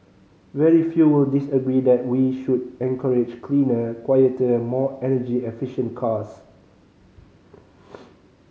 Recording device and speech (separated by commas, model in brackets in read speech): mobile phone (Samsung C5010), read sentence